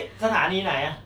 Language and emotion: Thai, frustrated